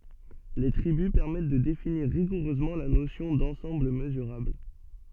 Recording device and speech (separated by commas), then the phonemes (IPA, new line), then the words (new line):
soft in-ear microphone, read sentence
le tʁibys pɛʁmɛt də definiʁ ʁiɡuʁøzmɑ̃ la nosjɔ̃ dɑ̃sɑ̃bl məzyʁabl
Les tribus permettent de définir rigoureusement la notion d'ensemble mesurable.